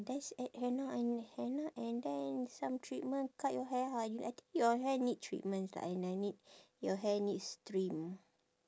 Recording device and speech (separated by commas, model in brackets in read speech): standing microphone, conversation in separate rooms